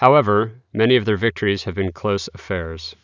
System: none